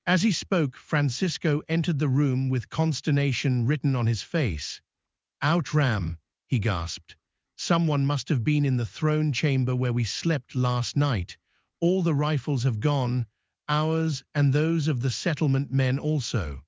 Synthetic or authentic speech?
synthetic